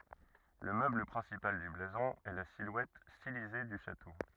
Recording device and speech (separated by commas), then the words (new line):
rigid in-ear microphone, read sentence
Le meuble principal du blason est la silhouette stylisée du château.